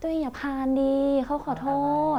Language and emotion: Thai, frustrated